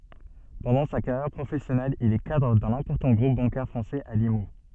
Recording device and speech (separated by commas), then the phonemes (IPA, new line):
soft in-ear microphone, read sentence
pɑ̃dɑ̃ sa kaʁjɛʁ pʁofɛsjɔnɛl il ɛ kadʁ dœ̃n ɛ̃pɔʁtɑ̃ ɡʁup bɑ̃kɛʁ fʁɑ̃sɛz a limu